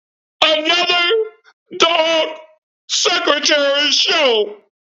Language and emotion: English, sad